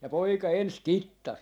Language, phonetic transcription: Finnish, ja 'poika 'ens "kittas .
- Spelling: ja poika ensin kittasi

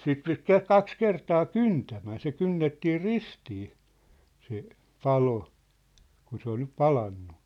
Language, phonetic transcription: Finnish, 'sit pit ke- 'kaks 'kertaa "kyntämän̬ se 'kynnettii "ristii , se , "palo , 'kun se ‿ol nyp "palannu .
- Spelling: sitä piti - kaksi kertaa kyntämän se kynnettiin ristiin se palo kun se oli nyt palanut

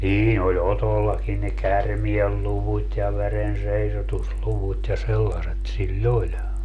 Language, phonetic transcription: Finnish, 'niin ‿oĺ "Otollakin ne "kärmielluvut́ ja "verenseisotusluvut ja 'sellaset siĺ"l ‿oĺ .
- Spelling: niin oli Otollakin ne käärmeenluvut ja verenseisotusluvut ja sellaiset sillä oli

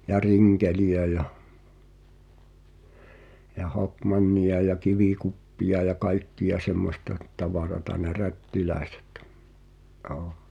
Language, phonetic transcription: Finnish, ja "riŋkeli₍ä ja , ja "hokmanniʲa ja "kivikuppiʲa ja 'kaikki₍a 'semmosta , 'tavarata ne "rättilä̀esᴇt , ’[j]oo .
- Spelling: ja rinkeleitä ja ja hokmannia ja kivikuppeja ja kaikkia semmoista tavaraa ne rättiläiset joo

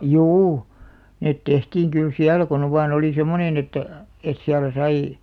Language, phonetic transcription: Finnish, juu , 'net 'tehtiiŋ kyl "siälä kon ‿ov vaan ‿oli 'semonen ‿ettᵃ̈ , et 'siälä sai ,.
- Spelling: juu ne tehtiin kyllä siellä kun on vain oli semmoinen että että siellä sai

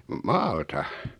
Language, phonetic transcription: Finnish, maalta .
- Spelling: maalta

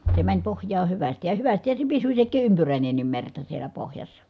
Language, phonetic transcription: Finnish, se mäń pohj̀aa hyvästij ja , ja hyvästihä se pisy sek̆kii ʼympyrä̀inennim merta siel̀ä pohjassa .
- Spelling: se meni pohjaan hyvästi ja ja hyvästihän se pysyi sekin ympyräinenkin merta siellä pohjassa

